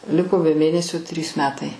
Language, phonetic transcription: Lithuanian, ˈliko be ˈmėnesio trys ˈmetai

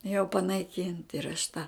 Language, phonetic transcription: Lithuanian, jau panaiˈkynt ir aš ta

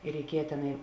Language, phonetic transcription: Lithuanian, i reiˈkieja teˈnai

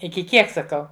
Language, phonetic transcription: Lithuanian, iki ˈkiek saˈkau

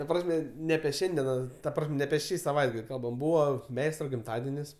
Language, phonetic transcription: Lithuanian, ta ˈprasme ne apie ˈšiandiena ta ˈprasm' ne apie ˈšį saˈvaitgal' ˈkalbam ˈbūva ˈmeistra gimˈtadenis

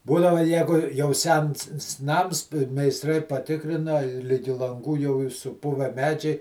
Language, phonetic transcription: Lithuanian, ˈbūdava ˈjegu jau ˈsens s ˈnams meisˈtrai paˈtikrina i ˈligi lanˈgų jau ˈyr suˈpuve ˈmedžiai

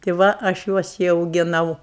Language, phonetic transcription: Lithuanian, ti ˈva aš ˈjuos i augiˈnau

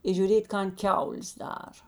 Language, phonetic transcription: Lithuanian, i žiuˈrėt' ˈkan ˈkiaulės ˈdara

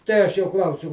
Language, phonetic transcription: Lithuanian, ˈtei aš jo ˈklausiu

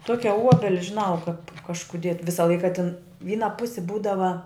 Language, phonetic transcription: Lithuanian, ˈtuokia ˈuobeli žiˈnau kap kažkuˈdie ˈvisa ˈlaika tin ˈvyna ˈpusi ˈbūdava

